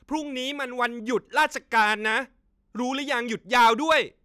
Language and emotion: Thai, angry